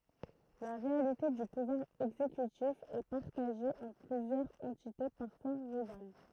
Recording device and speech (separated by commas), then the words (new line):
throat microphone, read sentence
La réalité du pouvoir exécutif est partagé entre plusieurs entités, parfois rivales.